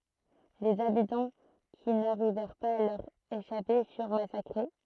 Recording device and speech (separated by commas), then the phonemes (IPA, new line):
throat microphone, read sentence
lez abitɑ̃ ki naʁivɛʁ paz a lœʁ eʃape fyʁ masakʁe